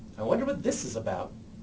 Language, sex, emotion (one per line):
English
male
neutral